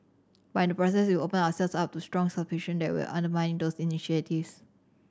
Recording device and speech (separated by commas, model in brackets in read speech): standing microphone (AKG C214), read sentence